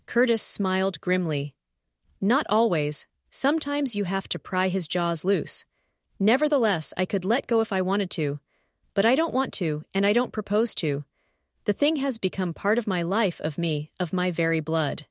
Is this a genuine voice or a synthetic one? synthetic